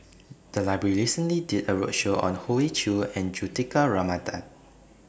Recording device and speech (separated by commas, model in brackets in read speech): boundary microphone (BM630), read sentence